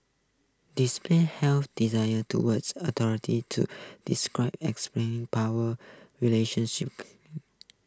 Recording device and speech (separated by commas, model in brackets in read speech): close-talking microphone (WH20), read sentence